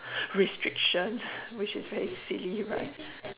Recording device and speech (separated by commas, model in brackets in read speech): telephone, conversation in separate rooms